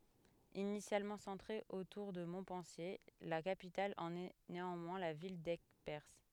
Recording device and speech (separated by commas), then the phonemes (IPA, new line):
headset microphone, read sentence
inisjalmɑ̃ sɑ̃tʁe otuʁ də mɔ̃pɑ̃sje la kapital ɑ̃n ɛ neɑ̃mwɛ̃ la vil dɛɡpɛʁs